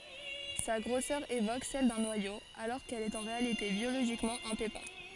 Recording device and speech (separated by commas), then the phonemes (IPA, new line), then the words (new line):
forehead accelerometer, read sentence
sa ɡʁosœʁ evok sɛl dœ̃ nwajo alɔʁ kɛl ɛt ɑ̃ ʁealite bjoloʒikmɑ̃ œ̃ pepɛ̃
Sa grosseur évoque celle d'un noyau, alors qu'elle est en réalité biologiquement un pépin.